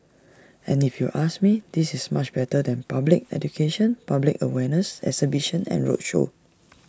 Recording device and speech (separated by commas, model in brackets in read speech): standing microphone (AKG C214), read sentence